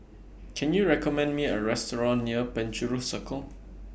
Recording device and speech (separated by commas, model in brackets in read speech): boundary microphone (BM630), read sentence